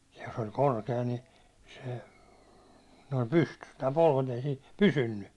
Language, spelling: Finnish, jos oli korkea niin se noin pystyssä tämä polvet ei siinä pysynyt
- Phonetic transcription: jos oĺ "korke₍a ni , se , noim 'pystys tää polvet ‿ei siin̬ , "pysynny .

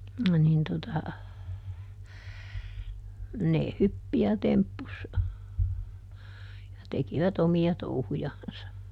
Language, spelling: Finnish, niin tuota ne hyppi ja temppusi ja tekivät omia touhujansa
- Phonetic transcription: nin tota , ne ˈhyppi ja ˈtemppus , ja ˈtekiväˈt ‿omi₍a ˈtouhujansa .

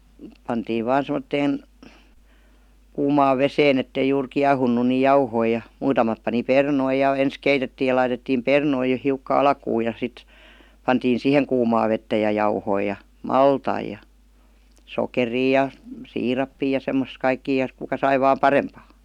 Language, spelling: Finnish, pantiin vain semmoiseen kuumaan veteen että ei juuri kiehunut niin jauhoja ja muutamat pani perunoita ja ensin keitettiin ja laitettiin perunoita jo hiukka alkuun ja sitten pantiin siihen kuumaa vettä ja jauhoja ja maltaita ja sokeria ja siirappia ja semmoisia kaikkia ja kuka sai vain parempaa
- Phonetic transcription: 'pantiiv "vaan 'sem°tteen , 'kuumaav "veseen ‿ettei juur "kiahunnu ni "jauhoi ja , 'muutamat pani "pernoi ja 'ens "keitettii ja 'laitettiim "pernoi jo 'hiukka "alkuu ja sit , 'pantiin "sìheŋ 'kuumaa vettä ja "jauhoi ja , "maltai ja , "sokerii ja , "siirappii ja 'semmos 'kaikkii ja 'kuka 'sai vaam "parempaa .

